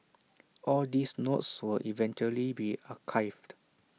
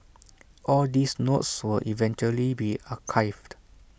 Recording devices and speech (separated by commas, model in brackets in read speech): mobile phone (iPhone 6), boundary microphone (BM630), read sentence